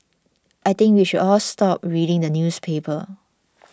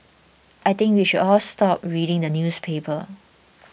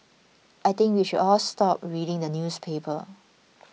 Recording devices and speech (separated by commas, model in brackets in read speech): standing microphone (AKG C214), boundary microphone (BM630), mobile phone (iPhone 6), read sentence